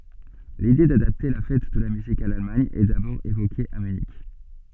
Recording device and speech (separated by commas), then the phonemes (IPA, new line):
soft in-ear microphone, read sentence
lide dadapte la fɛt də la myzik a lalmaɲ ɛ dabɔʁ evoke a mynik